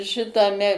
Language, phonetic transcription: Lithuanian, šitaˈme

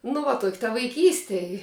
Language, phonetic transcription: Lithuanian, nu ˈva tok' ta vaiˈkyste i

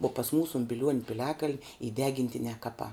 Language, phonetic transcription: Lithuanian, uo pas ˈmūsu un biˈliuon' piˈliakaln' y ˈdegintinē ˈkapā

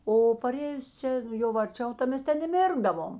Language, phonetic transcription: Lithuanian, o paˈrėjus ˈčia jau arˈčiau ta ˈmes ˈten i ˈmirkdavom

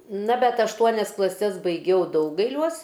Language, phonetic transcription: Lithuanian, na bet ašˈtuonias klaˈses baiˈgiau ˈdaugailiuos

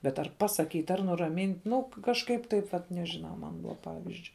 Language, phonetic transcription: Lithuanian, bet ˈar ˈpaˌsaˌkyt' ar ˈnuramynt' ˈnu kažˈkaip ˈtaip vat nežiˈnau ˈman ˈpavizdžiui

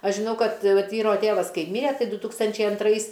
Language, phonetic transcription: Lithuanian, ˈaš žiˈnau ˈkad ˈvat ˈvyro ˈtėvas ˈkai ˈmyre ˈtai ˈdu ˈtūkstančiai anˈtrais

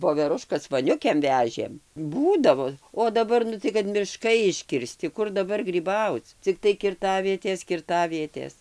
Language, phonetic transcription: Lithuanian, voveˈruškas voˈniukėm ˈvežėm ˈbūdavo o daˈbar ˈnu tai kad miˈškai iškirˈsti ˈkur daˈbar gryˈbauc cikˈtai kirˈtavietės kirˈtavietės

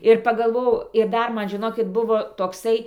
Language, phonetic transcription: Lithuanian, ir pagalˈvojau ir ˈdar ˈman žiˈnokit ˈbuvo tokˈsai

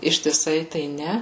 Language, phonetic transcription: Lithuanian, ištiˈsai tai ˈne

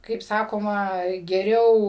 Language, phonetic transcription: Lithuanian, kaip ˈsakoma geˈriau

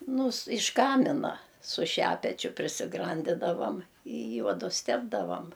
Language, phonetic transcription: Lithuanian, ˈnu s iš ˈkamina su ˈšepečiu prisiˈgrandidavam i ˈjuodus ˈtepdavam

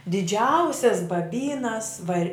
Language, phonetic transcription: Lithuanian, diˈdžiausias baˈbynas vaˈri

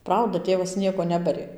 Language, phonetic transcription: Lithuanian, ˈprauda ˈtėvas ˈnieko ˈnebarė

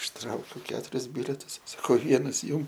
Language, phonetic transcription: Lithuanian, išˈtraukiu ˈketuris ˈbiletus saˈkau ˈvienas ˈjum

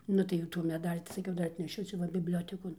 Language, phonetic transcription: Lithuanian, ˈnu tai jau tų meˈdalį tai saˈkiau ˈdar atneˈšiu ˈčia va bibˈliotekon

